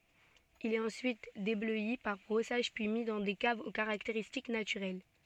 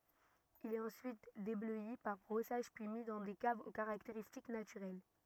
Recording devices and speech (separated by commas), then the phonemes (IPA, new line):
soft in-ear microphone, rigid in-ear microphone, read sentence
il ɛt ɑ̃syit deblœi paʁ bʁɔsaʒ pyi mi dɑ̃ de kavz o kaʁakteʁistik natyʁɛl